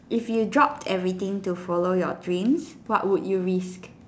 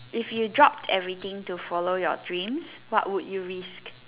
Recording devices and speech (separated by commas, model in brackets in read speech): standing microphone, telephone, conversation in separate rooms